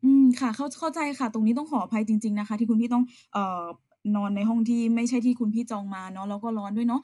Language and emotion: Thai, neutral